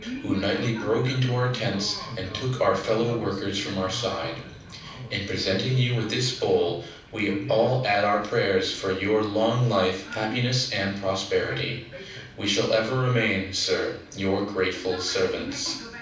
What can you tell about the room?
A mid-sized room (about 5.7 m by 4.0 m).